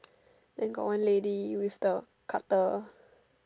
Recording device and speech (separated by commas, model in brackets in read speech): standing microphone, conversation in separate rooms